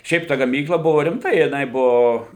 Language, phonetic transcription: Lithuanian, ˈšiaip ta gaˈmykla ˈbuvo rimˈta jiˈnai ˈbuvo

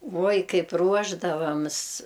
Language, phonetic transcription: Lithuanian, ˈvuoj ˈkaip ˈruošdavams

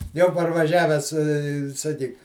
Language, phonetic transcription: Lithuanian, ˈjau parvaˈžiavęs i saˈkyk

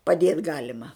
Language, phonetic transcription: Lithuanian, paˈdėt ˈgalima

